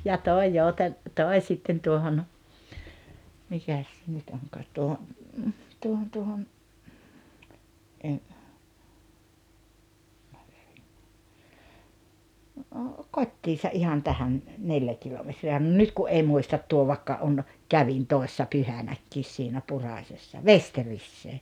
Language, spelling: Finnish, ja tuo - tuo sitten tuohon mikäs se nyt onkaan tuohon tuohon tuohon kotiinsa ihan tähän neljä kilometriä no nyt kun ei muista tuo vaikka on kävin toissa pyhänäkin siinä Purasessa Vesteriseen
- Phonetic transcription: ja 'tòi 'Jouten- , 'tòi̬ sitten 'tuohon , 'mikäs se nyt 'oŋkaat tuoho , 'tuohon tuohon , , "kot́t́iisa '’ihan 'tähän , "neljä 'kilometri₍ä no 'nyt ku’ '’ei 'muistat 'tuo vaⁱkka on , "kävin "toi̬ssa "pyhänäkkiis siinä 'Puràśessa "Vesterissee .

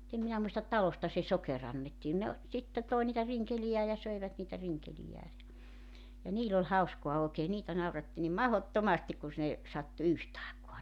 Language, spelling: Finnish, mutta en minä muista talosta se sokeri annettiin ne - sitten toi niitä rinkeleitään ja söivät niitä rinkeleitään ja ja niillä oli hauskaa oikein niitä nauratti niin mahdottomasti kun - ne sattui yhtä aikaa
- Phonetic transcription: [mu]'t ‿em minä muistat "talosta se "soke'r ‿annettiin ne o , sitte 'toi niitä 'riŋkelijää ja 'söivät niitä 'riŋkelijää (ja) , ja 'niil ‿oĺ 'hauskoa ookee 'niitä 'nauratti nim "mahottomastik ku (s-) ne , 'sattu "yht ‿aekua .

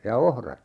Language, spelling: Finnish, ja ohrat
- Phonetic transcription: ja 'ohrat .

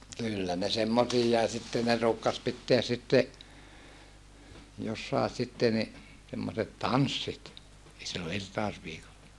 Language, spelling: Finnish, kyllä ne semmoisiakin sitten ne ruukasi pitää sitten jossakin sitten niin semmoiset tanssit silloin irtausviikolla
- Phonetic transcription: kyllä ne semmosiijjai sitte ne ruukkas pitteäs sitte , jossàe sitte ni , semmoset tanssit , sillo irtaosviikolla .

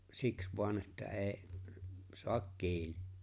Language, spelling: Finnish, siksi vain että ei saa kiinni
- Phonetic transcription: siks voan että '’e̬e̬ⁱ , 'soak "kiinɪ .

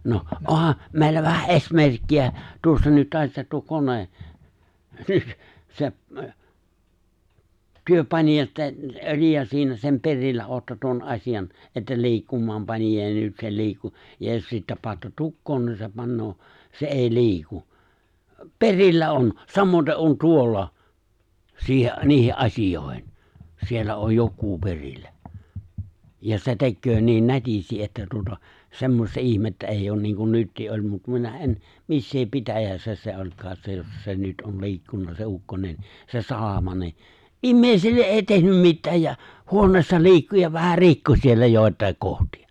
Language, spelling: Finnish, no onhan meillä vähän esimerkkiä tuossa nyt tässä tuo kone se te panitte että - sen perillä olette tuon asian että liikkumaan panitte ja nyt se liikkui ja jos sitten panette tukkoon niin se panee se ei liiku perillä on samaten on tuolla siihen niihin asioihin siellä on joku perillä ja se tekee niin nätisti että tuota semmoista ihmettä ei ole niin kuin nyt oli mutta minä en missä pitäjässä se olikaan se jossa se nyt on liikkunut se ukkonen se salama niin ihmisille ei tehnyt mitään ja huoneessa liikkui ja vähän rikkoi siellä joitakin kohtia
- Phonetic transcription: 'noh , '’oha , 'mèillä vähä '’eś'merkki₍ä , 'tuossa nyt 'tässä tuo 'kone , 'seᵖ , 'työ paniʲa -ttä (- - siinä) sem 'perillä '’ootta tuon 'asijan , että 'li̬ikkum̀aam 'panija ja 'nyt se 'li̬ikku , ja jos 'sittä paatta 'tukkoon ni se 'pannoo , se '’èi 'li̬iku , "perillä "on , 'samoⁱte ’on 'tuolla , 'siihe’ , 'niihe’ '’asij̀òehen , siellä oj 'jok̆kuu 'perillä , ja se 'tekköö niin 'nätisti ’että tuota , 'semmosta 'ihmettä eijj ‿oon niiŋ kun 'nyttii ’oĺ mut 'minä ’en , 'missee 'pitäjä̀ssä se 'oĺkaas se jossa se 'nyt ’on 'li̬ikkunna se 'ukkonen , se 'salama ni , "’immèisille '’èi 'tehnym "mittääj ja , "huoǹeessa 'li̬ikku ja 'vähä "rikko siellä 'jòet̀àik 'kohti₍ᴀ .

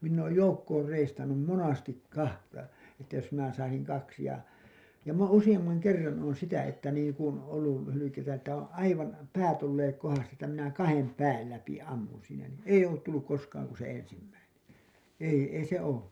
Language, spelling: Finnish, minä olen joukkoon reistannut monesti kahta että jos minä saisin kaksi ja minä olen useamman kerran olen sitä että niin kuin ollut - hylkeitä että on aivan päät olleet kohdastaan että minä kahden pään läpi ammun siinä niin ei ollut tullut koskaan kuin se ensimmäinen ei ei se ole
- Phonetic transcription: minn ‿ooj 'joukkoor 'reistannum "monastik "kahta , että jos minä saisiŋ kaksi ja , m ‿oon 'usiʲammaŋ 'kerran oon 'sitä että niiŋ kun , ollul lä- , hylykeitä että oo̰ , "aivan , 'päät olleek 'kohastaa ‿ttä minä 'kahem 'pääl läpi 'ammun siinä nin , "eiʲ ‿ollut tulluk 'koskaaŋ ku se 'ensimmäinen , ei , ei se oo .

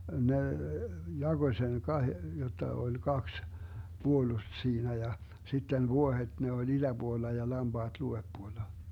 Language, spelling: Finnish, ne jakoi sen - jotta oli kaksi puolusta siinä ja sitten vuohet ne oli itäpuolella ja lampaat luodepuolella
- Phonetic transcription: 'ne , 'jaGoⁱ seŋ 'kahe- , 'jotta oĺ "kaks , 'Buolust 'siinä ja , 'sitten "vuohet ne oĺ 'iDäBuolla ja 'lamBaaD 'luveppuolla .

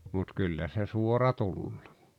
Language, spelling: Finnish, mutta kyllä se suora tulee
- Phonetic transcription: mut 'kyllä se 'suora 'tul(loo) .

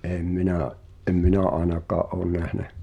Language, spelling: Finnish, en minä en minä ainakaan ole nähnyt
- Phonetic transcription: ’èm 'minä’ , ’em "minä 'aenak̀aa’ ’oon nähnä .

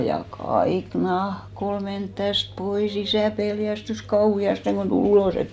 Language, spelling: Finnish, ja kaikki nahka oli mennyt tästä pois isä pelästyi kauheasti kun tuli ulos et
- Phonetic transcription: ja 'kaik "nah'k ‿ol 'ment 'täst 'poi's ‿isä̀ 'peljästys "kauhi₍asteŋ ɢon tu'l ‿ulòs ‿et .

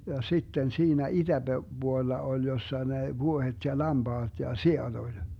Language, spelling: Finnish, ja sitten siinä - itäpuolella oli jossa ne vuohet ja lampaat ja siat oli
- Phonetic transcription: ja 'sitten 'siinä "iDäBe- , -'Buolla oĺ jossa ne "vuohet ja "lamBaaD ja "si₍aD oĺ .

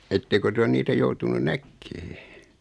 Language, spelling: Finnish, ettekö te ole niitä joutunut näkemään
- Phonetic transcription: ettekö 'ty on 'niitä joutunun "näkkee ?

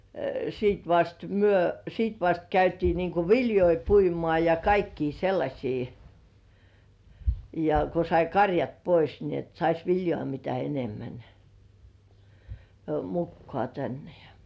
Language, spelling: Finnish, sitten vasta me sitten vasta käytiin niin kuin viljoja puimaan ja kaikkia sellaisia ja kun sai karjat pois niin että saisi viljaa mitä enemmän mukaan tänne ja
- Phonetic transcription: siit vast 'myö , siit vast 'käytii niiŋku "viljoi 'puimŏà ja 'kaikkii 'sellaśii , ja ko sai "karjat 'pois ni ‿et sais "viljŏ§à mitä 'enemmän , 'mukkŏà tänne ja ,.

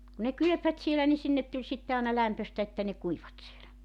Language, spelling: Finnish, kun ne kylpivät siellä niin sinne tuli sitten aina lämpöistä että ne kuivuivat siellä
- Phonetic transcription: ku ne 'kylᵒ̈pvät 'sielä ni 'sinnet tuĺ 'sitte aana 'lämpöstä että ne 'kuivvat sielä .

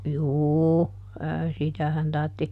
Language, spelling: Finnish, juu - sitähän tarvitsi
- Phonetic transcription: "juu , ə ˈsitähän tartti ,.

